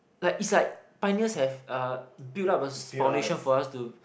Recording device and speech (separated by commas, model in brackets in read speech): boundary microphone, conversation in the same room